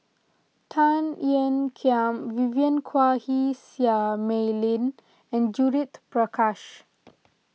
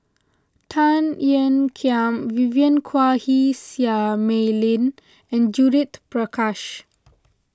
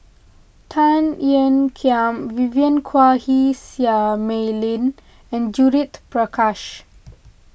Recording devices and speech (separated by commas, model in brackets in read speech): mobile phone (iPhone 6), close-talking microphone (WH20), boundary microphone (BM630), read sentence